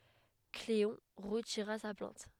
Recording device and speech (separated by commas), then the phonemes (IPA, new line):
headset microphone, read sentence
kleɔ̃ ʁətiʁa sa plɛ̃t